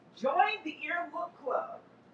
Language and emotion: English, surprised